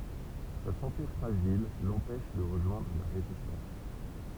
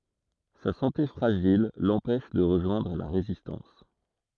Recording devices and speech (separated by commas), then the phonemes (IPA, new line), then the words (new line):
temple vibration pickup, throat microphone, read sentence
sa sɑ̃te fʁaʒil lɑ̃pɛʃ də ʁəʒwɛ̃dʁ la ʁezistɑ̃s
Sa santé fragile l'empêche de rejoindre la Résistance.